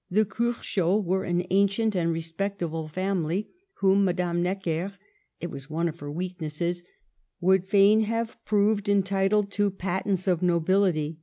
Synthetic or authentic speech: authentic